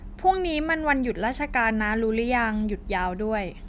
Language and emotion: Thai, neutral